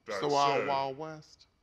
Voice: deep voice